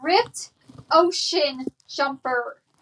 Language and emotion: English, angry